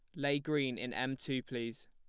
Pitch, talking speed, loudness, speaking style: 130 Hz, 215 wpm, -37 LUFS, plain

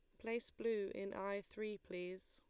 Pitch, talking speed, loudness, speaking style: 200 Hz, 170 wpm, -45 LUFS, Lombard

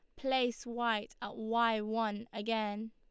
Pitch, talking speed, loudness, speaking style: 225 Hz, 135 wpm, -35 LUFS, Lombard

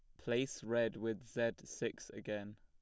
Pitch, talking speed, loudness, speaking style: 110 Hz, 150 wpm, -40 LUFS, plain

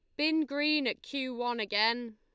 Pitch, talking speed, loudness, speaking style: 250 Hz, 185 wpm, -31 LUFS, Lombard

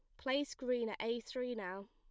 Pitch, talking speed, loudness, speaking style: 240 Hz, 210 wpm, -40 LUFS, plain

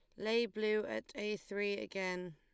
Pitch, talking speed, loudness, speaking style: 205 Hz, 170 wpm, -38 LUFS, Lombard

